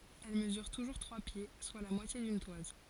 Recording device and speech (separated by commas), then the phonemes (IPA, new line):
forehead accelerometer, read sentence
ɛl məzyʁ tuʒuʁ tʁwa pje swa la mwatje dyn twaz